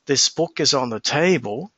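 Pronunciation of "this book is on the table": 'This book is on the table' is said as one thought group, and 'table' is the longer and louder word.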